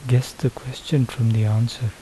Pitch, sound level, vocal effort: 125 Hz, 73 dB SPL, soft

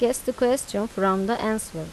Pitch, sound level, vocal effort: 220 Hz, 85 dB SPL, normal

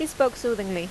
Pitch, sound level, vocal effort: 240 Hz, 86 dB SPL, normal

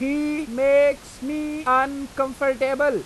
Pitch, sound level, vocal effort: 275 Hz, 95 dB SPL, very loud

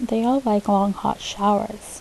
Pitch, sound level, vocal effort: 210 Hz, 74 dB SPL, soft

